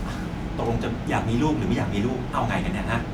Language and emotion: Thai, frustrated